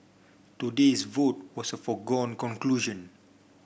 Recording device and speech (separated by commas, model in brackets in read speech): boundary microphone (BM630), read sentence